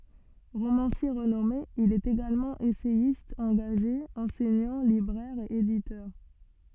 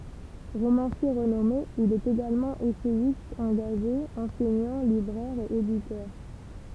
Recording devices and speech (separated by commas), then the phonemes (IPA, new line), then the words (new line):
soft in-ear microphone, temple vibration pickup, read sentence
ʁomɑ̃sje ʁənɔme il ɛt eɡalmɑ̃ esɛjist ɑ̃ɡaʒe ɑ̃sɛɲɑ̃ libʁɛʁ e editœʁ
Romancier renommé, il est également essayiste engagé, enseignant, libraire et éditeur.